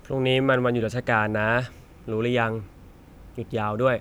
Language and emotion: Thai, frustrated